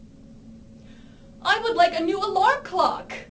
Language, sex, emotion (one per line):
English
female
sad